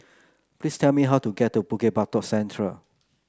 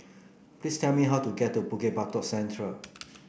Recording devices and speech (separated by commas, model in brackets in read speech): close-talking microphone (WH30), boundary microphone (BM630), read sentence